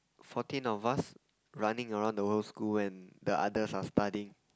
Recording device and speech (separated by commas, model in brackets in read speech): close-talking microphone, conversation in the same room